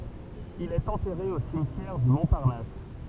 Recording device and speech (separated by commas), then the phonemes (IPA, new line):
temple vibration pickup, read sentence
il ɛt ɑ̃tɛʁe o simtjɛʁ dy mɔ̃paʁnas